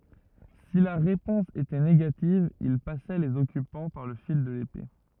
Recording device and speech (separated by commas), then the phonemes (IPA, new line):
rigid in-ear microphone, read sentence
si la ʁepɔ̃s etɛ neɡativ il pasɛ lez ɔkypɑ̃ paʁ lə fil də lepe